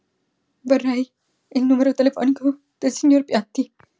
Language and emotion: Italian, fearful